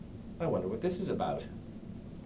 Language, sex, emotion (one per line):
English
male
neutral